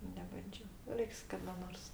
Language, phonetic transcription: Lithuanian, nebanˈdžio ˈreiks kada ˈnors

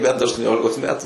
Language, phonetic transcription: Lithuanian, ˈbent aštuoˈniolikos ˈmetu

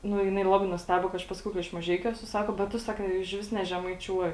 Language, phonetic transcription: Lithuanian, ˈnu jiˈnai ˈlabai nusˈtebo kai ˈaš ˈpasakiau ka iš maˈžeikiu ˈesu ˈsako bet ˈtu saˈka išˈvis nežemaiˈčiuoji

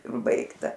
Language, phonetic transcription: Lithuanian, ˈbaigta

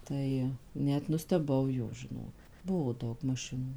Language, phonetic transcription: Lithuanian, ˈtai ˈnet nusteˈbau jau žiˈno ˈbuvo ˈdaug maˈšinų

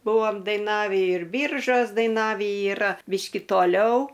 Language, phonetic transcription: Lithuanian, ˈbuvom daiˈnavį ir ˈbyržos daiˈnavį yˈra ˈbyški toˈliau

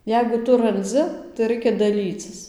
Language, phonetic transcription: Lithuanian, ˈjeigu ˈtu ranˈdzi tai ˈraikia daˈlycis

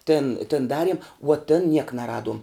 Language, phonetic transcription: Lithuanian, tin tin ˈdariem vuo tin niek naˈraduom

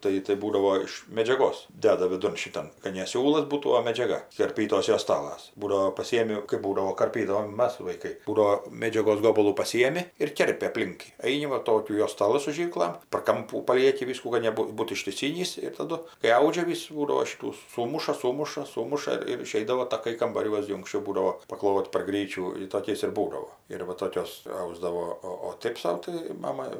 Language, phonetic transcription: Lithuanian, ˈtai tai ˈbūdavo iš medžiaˈgos ˈdeda viˈdun šiˈtan kad ne ˈsiūlas ˈbūtų o medžiaˈga karˈpytos joˈstalas ˈbūdavo paˈsijemi ˈkɜp ˈbūdavo karˈpydavom ˈmas vaiˈkai ˈbūdavo ˈmėdžiagos ˈgobalų paˈsyjemi ir ˈkerpi apˈlink jį ˈaini va ˈtokių joˈstalɨ su ˈžyrklam par ˈkampų paˈlieki ˈvyskų ˈkad neb ˈbūtų ištiˈsynys ir taˈdu kai ˈaudžia ˈvis ˈbūdavo ˈšitų ˈsūmuša ˈsūmuša ˈsūmuša ir ir iˈšeidavo taˈkai kambaˈriuos gi unksˈčiau ˈbūdavo paˈklot' par ˈgryčių ir toˈkiais ir ˈbūdavo ir va ˈtokios ˈausdavo ˈo o ˈtɜp sau tai ˈmama

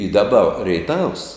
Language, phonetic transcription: Lithuanian, i daˈba reiˈtavs

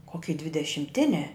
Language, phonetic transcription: Lithuanian, koˈky dvidešimˈtiniā

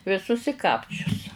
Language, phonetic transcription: Lithuanian, viˈsus i ˈkapčius

